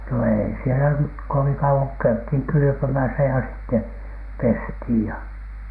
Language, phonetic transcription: Finnish, no 'èi sielä nyt̳ 'koviŋ kau₍oŋ ko käythiŋ "kylʸpömäsä ja sitte , 'pesthìj ja .
- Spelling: no ei siellä nyt kovin kauan kun käytiin kylpemässä ja sitten pestiin ja

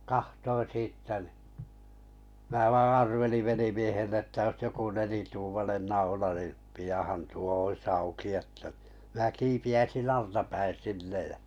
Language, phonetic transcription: Finnish, 'kahtoin̬ 'siittä nⁱ , 'mää vaa "arveliv 'velimiehelle ‿ttä ois joku 'nelituumanen 'naula ni , pijàhan 'tuo 'ois 'auki että ɴɪ , mⁱnä 'kiipi₍äisin "altapäin̬ 'sinnej jä .
- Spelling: katsoin siitä niin minä vain arvelin velimiehelle että olisi joku nelituumainen naula niin pianhan tuo olisi auki että niin minä kiipeäisin altapäin sinne ja

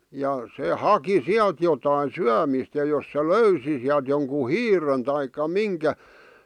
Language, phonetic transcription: Finnish, ja , se 'haki "siält jotain̬ 'syämìst ja jos se "löysi siält joŋku "hiiren taikka "miŋkä ,.
- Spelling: ja se haki sieltä jotakin syömistä ja jos se löysi sieltä jonkun hiiren tai minkä

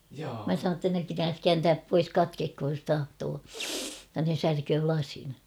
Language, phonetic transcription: Finnish, mä sanoon ‿tta ne 'pitääs "kääntääp 'pois "katkekhoj jos 'tahtoo , [jot]ta ne 'särköö 'k̬lasin .
- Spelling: minä sanoin jotta ne pitää kääntää pois katketkoon jos tahtoo jotta ne särkee lasin

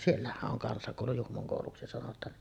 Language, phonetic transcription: Finnish, siellähäˀ ˀoŋ 'kansakòulu 'Juhmoŋ kòuluksi sanot̀aan .
- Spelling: siellähän on kansakoulu Juhmon kouluksi sanotaan

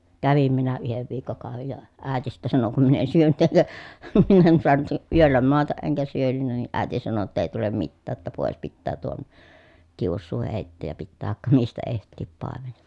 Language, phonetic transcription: Finnish, kävim minä yhev viikkokàovej ja , ä̀eti sittä sano kum min ‿en syönyt (eŋkä) , min ‿en suanut , yöllä moataʼ ʼeŋkä syönynnä ni ʼä̀i̮ti sano ‿tta » ei tulem mittää ‿ttä pòes pittää tuon , kiussuu hèitteej ja pittää vaᵉkka mistä eht̆tii pàemen » .
- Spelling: kävin minä yhden viikkokauden ja äiti sitten sanoi kun minä en syönyt enkä minä en saanut yöllä maata enkä syönyt niin äiti sanoi jotta ei tule mitään että pois pitää tuon kiusuu heittää ja pitää vaikka mistä etsiä paimen

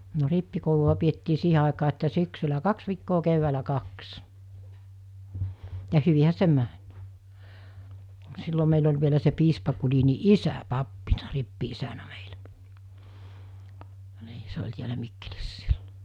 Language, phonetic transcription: Finnish, no 'rippikoulu₍a piettii 'siihe àekaa että 'syksylä "kaks viikkoo 'keʸvväälä "kaks , ja 'hyvihä se "mäɴ , 'sillo meil ‿oĺ vielä se 'piispa Kulini "isä 'pappina 'rippi₍isänä meɪʟᴀ̈ , 'nii se oĺ tiälä 'Mikkelissᴀ̈ sɪʟʟᴏ .
- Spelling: no rippikoulua pidettiin siihen aikaan että syksyllä kaksi viikkoa keväällä kaksi ja hyvinhän se meni silloin meillä oli vielä se piispa Gulin isä pappina rippi-isänä meillä niin se oli täällä Mikkelissä silloin

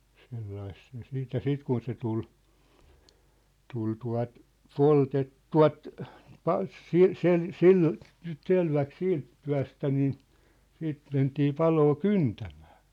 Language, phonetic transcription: Finnish, 'sellais se siit ja "siit kun se tul , 'tul tua̭t , 'poltet- , "tua̭t , ('pas- 'sil- 'sel- , 'sil,) 'selväk "siint 'tyä̭stä niin , 'siit mentii 'paloo "kyntᴀ̈ᴍᴀ̈ᴀ̈ .
- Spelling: sillä lailla se sitten ja sitten kun se tuli tuli tuota - poltettua - - - - selväksi siitä työstä niin sitten mentiin paloa kyntämään

